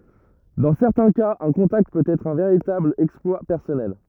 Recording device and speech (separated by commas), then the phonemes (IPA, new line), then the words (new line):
rigid in-ear microphone, read sentence
dɑ̃ sɛʁtɛ̃ kaz œ̃ kɔ̃takt pøt ɛtʁ œ̃ veʁitabl ɛksplwa pɛʁsɔnɛl
Dans certains cas un contact peut être un véritable exploit personnel.